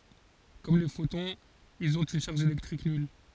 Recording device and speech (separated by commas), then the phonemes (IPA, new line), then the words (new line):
forehead accelerometer, read sentence
kɔm le fotɔ̃z ilz ɔ̃t yn ʃaʁʒ elɛktʁik nyl
Comme les photons, ils ont une charge électrique nulle.